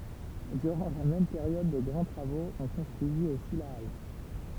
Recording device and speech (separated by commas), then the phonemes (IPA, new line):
temple vibration pickup, read sentence
dyʁɑ̃ la mɛm peʁjɔd də ɡʁɑ̃ tʁavoz ɔ̃ kɔ̃stʁyizit osi la al